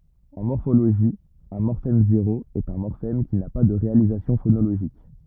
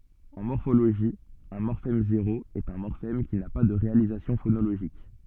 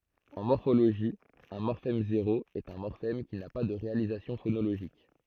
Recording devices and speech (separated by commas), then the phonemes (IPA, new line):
rigid in-ear microphone, soft in-ear microphone, throat microphone, read sentence
ɑ̃ mɔʁfoloʒi œ̃ mɔʁfɛm zeʁo ɛt œ̃ mɔʁfɛm ki na pa də ʁealizasjɔ̃ fonoloʒik